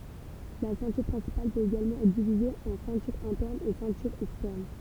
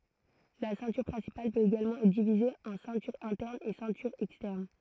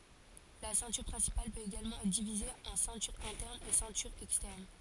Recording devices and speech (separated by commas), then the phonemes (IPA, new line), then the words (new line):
temple vibration pickup, throat microphone, forehead accelerometer, read sentence
la sɛ̃tyʁ pʁɛ̃sipal pøt eɡalmɑ̃ ɛtʁ divize ɑ̃ sɛ̃tyʁ ɛ̃tɛʁn e sɛ̃tyʁ ɛkstɛʁn
La ceinture principale peut également être divisée en ceinture interne et ceinture externe.